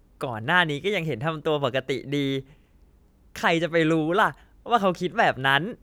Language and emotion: Thai, happy